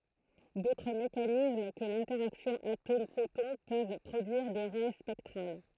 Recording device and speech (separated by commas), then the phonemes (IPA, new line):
throat microphone, read sentence
dotʁ mekanism kə lɛ̃tɛʁaksjɔ̃ atomɛfotɔ̃ pøv pʁodyiʁ de ʁɛ spɛktʁal